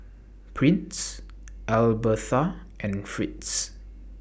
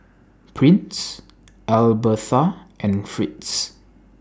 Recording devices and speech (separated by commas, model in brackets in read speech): boundary microphone (BM630), standing microphone (AKG C214), read sentence